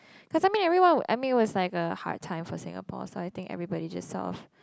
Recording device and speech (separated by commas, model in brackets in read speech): close-talking microphone, conversation in the same room